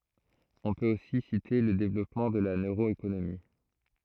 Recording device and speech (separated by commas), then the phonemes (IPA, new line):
throat microphone, read sentence
ɔ̃ pøt osi site lə devlɔpmɑ̃ də la nøʁoekonomi